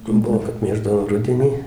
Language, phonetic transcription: Lithuanian, ˈbuvo kad ˈmėždavo ˈrudenį

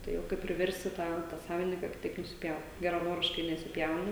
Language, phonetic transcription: Lithuanian, ˈtai o ˈkaip priˈversti ˈtą tą ˈsavininka ka ˈtaip nusiˈpjaut geraˈnoriškai nesiˈpjauna

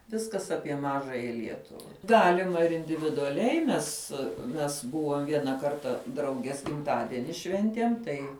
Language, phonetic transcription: Lithuanian, ˈviskas ˈapie ˈmažąja ˈlietuva ˈgalima ir individuaˈliai ˈmes mes ˈbuvom ˈviena ˈkarta ˈdraugies gimˈtadeni ˈšventiem ˈtai

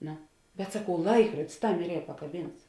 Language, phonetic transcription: Lithuanian, ˈno bet saˈkau ˈlaikruodis ˈtam ir ˈyra pakaˈbynts

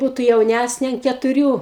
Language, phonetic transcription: Lithuanian, ˈbūtu jauˈnæsnė an ketuˈrių

